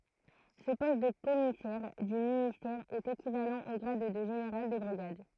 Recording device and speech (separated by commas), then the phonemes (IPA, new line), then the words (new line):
throat microphone, read sentence
sə pɔst də kɔmisɛʁ dy ministɛʁ ɛt ekivalɑ̃ o ɡʁad də ʒeneʁal də bʁiɡad
Ce poste de commissaire du ministère est équivalent au grade de général de brigade.